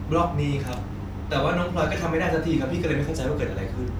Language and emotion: Thai, frustrated